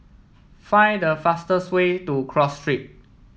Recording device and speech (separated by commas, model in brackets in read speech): mobile phone (iPhone 7), read sentence